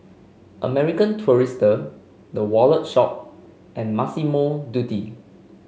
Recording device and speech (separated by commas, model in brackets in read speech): mobile phone (Samsung C5), read sentence